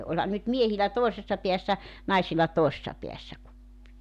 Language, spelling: Finnish, olihan nyt miehillä toisessa päässä naisilla toisessa päässä kuppi
- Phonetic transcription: 'olhan nyt 'miehilä 'tòisessa 'piässä , 'naisilla 'toi(se)ssa peässä 'kuppi .

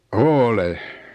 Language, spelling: Finnish, olen
- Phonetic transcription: oole .

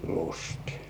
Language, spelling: Finnish, lysti
- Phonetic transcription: lustɪ .

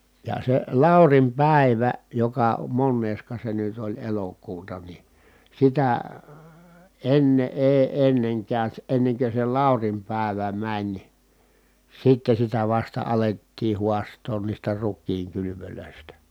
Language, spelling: Finnish, ja se Laurin päivä joka monesko se nyt oli elokuuta niin sitä ennen ei ennen käy ennen kuin se Laurin päivä meni sitten sitä vasta alettiin haastaa niistä rukiin kylvöistä
- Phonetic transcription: ja se Làurim pä̀ivä , joka monneeska se nyt ‿oĺ elokuuta ni , sitä , enne ʼee enneŋ käy̬(s) ennekö se Làurim pä̀evä mäń , sitte sitä vasta alettii huast̀oon niistä ruk̆kiiŋ kylyvylö̀istä .

